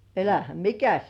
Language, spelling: Finnish, älähän mikäs
- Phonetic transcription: 'elähäm "mikäs !

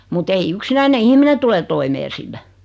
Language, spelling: Finnish, mutta ei yksinäinen ihminen tule toimeen sillä
- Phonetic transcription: mu't ‿ei "yksinäine 'ihmine tule 'toimee sillä .

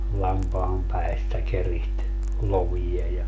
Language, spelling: Finnish, lampaan päistä keritsi lovia ja
- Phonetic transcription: 'lampaam 'päistä 'keriht , 'lovija ja ,.

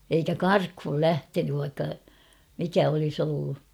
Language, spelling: Finnish, eikä karkuun lähtenyt vaikka mikä olisi ollut
- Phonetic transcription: eikä "karkhul 'lähtenyv vaikka , 'mikä olis ‿ollu .

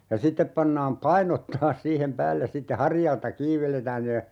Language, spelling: Finnish, ja sitten pannaan painot taas siihen päälle sitten harjalta kiinni vedetään ne
- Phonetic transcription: ja 'sittep pannaam "painot taas 'siihem 'päälles sitte 'harjalta "kiiv veletään ne ,.

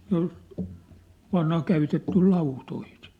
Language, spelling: Finnish, se oli vanha käytetty lautoihin
- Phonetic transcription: se ‿ol , vanha 'käytettyl̳ "lautoi(hin - -) .

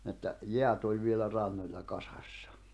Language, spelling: Finnish, että jäät oli vielä rannoilla kasassa
- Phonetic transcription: että , "jeät ‿oĺ vielä 'rannoĺla kasᴀssᴀ .

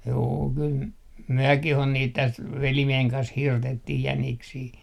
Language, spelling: Finnish, juu kyllä mekin on niitä tästä velimiehen kanssa hirtettiin jäniksiä
- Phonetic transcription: 'juu kyl , 'myökih on niit täst , 'velimieheŋ kans 'hirtettih 'jäniksii .

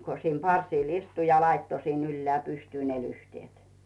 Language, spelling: Finnish, kun siinä parsilla istui ja laittoi sinne ylös pystyyn ne lyhteet
- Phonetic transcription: ko siim 'parsìl istu ja 'laitto sin 'ylleä̀ 'pystyy ne 'lyhtⁱèt .

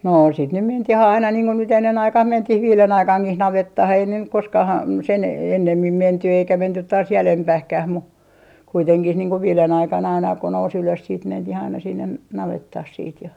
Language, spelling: Finnish, no sitten nyt mentiin aina niin kun nyt ennen aikaan mentiin viiden aikaankin navettaan ei ne nyt koskaan - sen ennemmin menty eikä menty taas jäljempään mutta kuitenkin niin kuin viiden aikaan aina kun nousi ylös sitten mentiin aina sinne navettaan siitä ja
- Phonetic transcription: 'noo sit nym 'mentih ‿aina niiŋ ko nyt 'ennen 'aikah "mentih "viilen 'aikaŋkih 'navettah ei ne nyk 'koskah ‿am- , sen 'ennemmim 'menty eikä 'mentyt taas "jälempähkäh mu , kuiteŋkih niiŋ ko 'viilen 'aikan aina ko nous ‿ylös siit 'mentih aina sinnen , 'navettah siit ja ,.

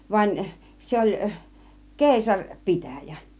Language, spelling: Finnish, vaan se oli - keisaripitäjä
- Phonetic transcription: van , 'se ‿oĺ , "kèisaŕ 'pitä̀jä .

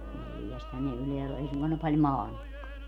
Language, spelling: Finnish, neljästähän ne ylhäällä on ei suinkaan ne paljon maannutkaan
- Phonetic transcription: 'neljästhän ne 'ylheäll ‿o 'ei suŋkoan ne paĺ "maannukkoa .

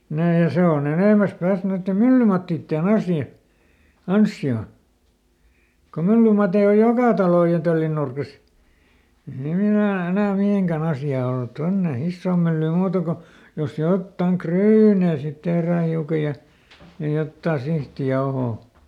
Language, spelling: Finnish, nämä ja se on enemmästä päästä noiden myllymattien asia ansiota kun myllymatteja on joka talon ja töllin nurkissa ei siinä enää enää mihinkään asiaa ollut tuonne isoon myllyyn muuta kuin jos jotakin ryynejä sitten tehdään hiukan ja ja jotakin sihtijauhoa
- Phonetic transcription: ˈnää ja ˈse oˈn ‿enèmäs ˈpääst noitte "myllymattiitteˈn ‿asja , "anssi₍o . ko ˈmyllymatei oj "jokà talòj ja ˈtöllin nurkis , ei hiin ‿enää , ˈenää "mihèŋkäˈn ‿asjaa olt "tonne , "issoom ˈmyllyym ˈmuuta ko , jos ˈjottaŋ "kryynè sit ˈtehrää ˈhiuka ja , ja ˈjottaa ˈsihtiˈjaohoo .

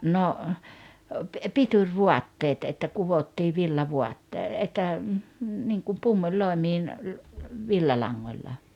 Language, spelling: Finnish, no pitovaatteet että kudottiin villavaatteet että niin kuin pumpuliloimiin villalangalla
- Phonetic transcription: no , 'pituŕ"vuatteet että 'kuvottii 'villavuattee että , niŋkum 'pummuĺ'lòemiin , 'villalaŋŋoĺla .

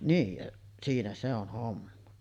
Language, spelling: Finnish, niin ja siinä se on homma
- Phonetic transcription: niij jaˀ , 'siinä se ‿on̳§ 'homma .

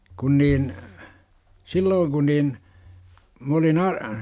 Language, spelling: Finnish, kun niin silloin kun niin minä olin -
- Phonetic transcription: 'kun niin , "sillooŋ ku niin , m ‿olin a- ,.

